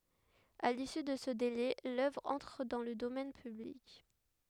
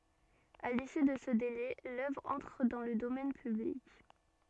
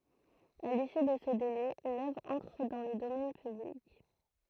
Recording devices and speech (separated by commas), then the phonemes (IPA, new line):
headset microphone, soft in-ear microphone, throat microphone, read sentence
a lisy də sə dele lœvʁ ɑ̃tʁ dɑ̃ lə domɛn pyblik